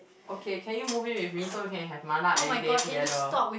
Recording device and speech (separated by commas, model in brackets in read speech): boundary microphone, conversation in the same room